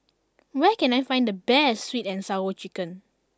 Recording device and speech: standing microphone (AKG C214), read sentence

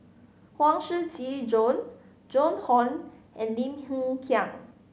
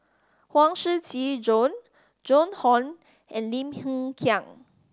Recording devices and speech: mobile phone (Samsung C5010), standing microphone (AKG C214), read sentence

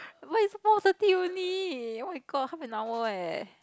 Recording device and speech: close-talking microphone, conversation in the same room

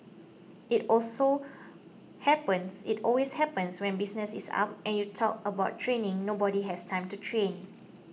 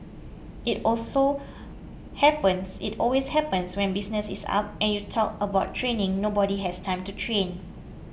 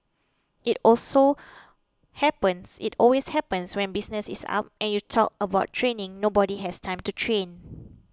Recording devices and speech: mobile phone (iPhone 6), boundary microphone (BM630), close-talking microphone (WH20), read sentence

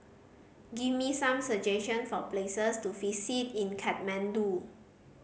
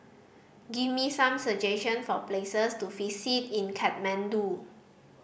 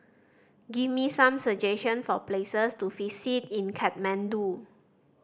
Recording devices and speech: mobile phone (Samsung C5010), boundary microphone (BM630), standing microphone (AKG C214), read sentence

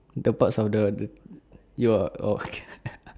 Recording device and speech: standing microphone, conversation in separate rooms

